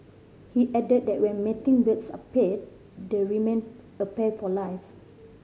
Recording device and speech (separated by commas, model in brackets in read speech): mobile phone (Samsung C5010), read sentence